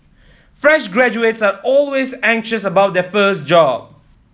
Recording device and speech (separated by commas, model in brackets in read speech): mobile phone (iPhone 7), read sentence